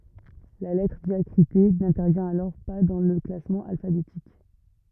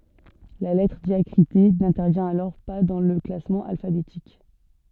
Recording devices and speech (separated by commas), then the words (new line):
rigid in-ear microphone, soft in-ear microphone, read sentence
La lettre diacritée n'intervient alors pas dans le classement alphabétique.